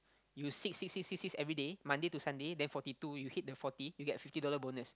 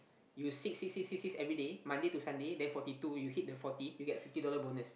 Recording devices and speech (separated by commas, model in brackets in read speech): close-talking microphone, boundary microphone, conversation in the same room